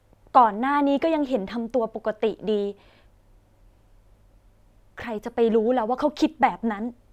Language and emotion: Thai, sad